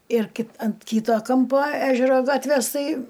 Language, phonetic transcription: Lithuanian, ir ki ant ˈkyto ˈkampo ˈežero ˈgatvės ˈtai

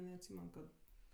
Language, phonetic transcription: Lithuanian, neatˈsymen kad

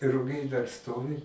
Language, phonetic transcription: Lithuanian, ruˈgiai dar ˈstovi

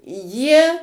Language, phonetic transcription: Lithuanian, jie

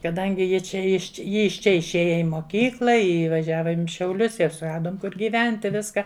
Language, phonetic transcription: Lithuanian, kaˈdangi ˈji ˈčia iš ˈji iš ˈčia išˈėja i moˈkykla i vaˈžiavom i šiauˈlius ir suˈradom ˈkur gyˈventi ˈviska

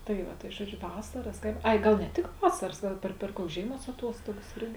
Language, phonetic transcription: Lithuanian, tai ˈva tai ˈžuoˌdžiu ˈvasaras ˈkaip ˈai ˈgal ne ˈtik ˈvasaras ˈgal per per ˈkuoks ˈžėiˌmuos aˈtuostogas ˈirgi

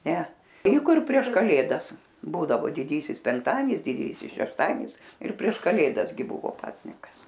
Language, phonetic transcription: Lithuanian, ˈne ei ˈkur prieš kaˈlėdas ˈbūdavo diˈdysis penkˈtadienis diˈdysis šešˈtadienis ir prieš kaˈlėdas gi ˈbuvo ˈpasnikas

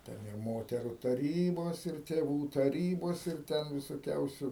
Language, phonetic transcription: Lithuanian, ˈten ir ˈmoteru taˈrybos ir tėˈvų taˈrybos ir ˈten visoˈkiausiu

